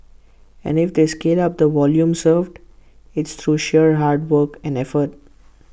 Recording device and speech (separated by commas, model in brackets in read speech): boundary microphone (BM630), read sentence